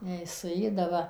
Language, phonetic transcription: Lithuanian, ˈjei suˈėda ˈva

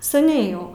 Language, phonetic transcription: Lithuanian, saˈniai jau

